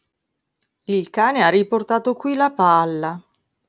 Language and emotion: Italian, sad